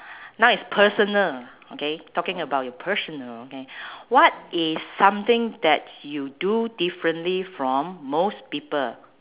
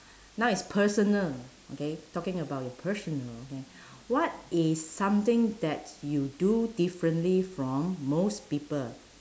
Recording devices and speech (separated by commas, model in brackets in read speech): telephone, standing microphone, conversation in separate rooms